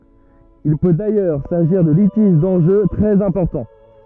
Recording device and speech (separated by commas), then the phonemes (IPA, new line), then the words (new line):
rigid in-ear microphone, read sentence
il pø dajœʁ saʒiʁ də litiʒ dɑ̃ʒø tʁɛz ɛ̃pɔʁtɑ̃
Il peut d'ailleurs s'agir de litiges d'enjeux très importants.